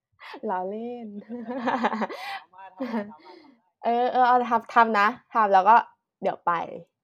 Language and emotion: Thai, happy